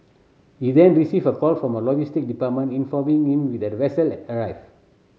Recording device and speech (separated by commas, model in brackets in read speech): mobile phone (Samsung C7100), read sentence